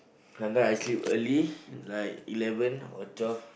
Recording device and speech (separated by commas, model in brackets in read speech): boundary microphone, conversation in the same room